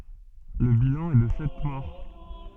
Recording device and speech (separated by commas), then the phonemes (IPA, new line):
soft in-ear microphone, read sentence
lə bilɑ̃ ɛ də sɛt mɔʁ